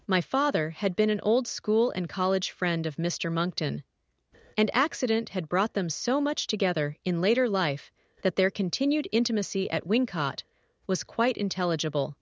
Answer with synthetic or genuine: synthetic